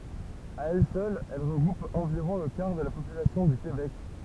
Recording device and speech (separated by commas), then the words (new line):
temple vibration pickup, read sentence
À elle seule, elle regroupe environ le quart de la population du Québec.